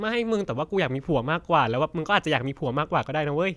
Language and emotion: Thai, happy